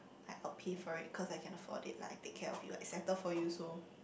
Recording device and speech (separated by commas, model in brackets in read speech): boundary microphone, conversation in the same room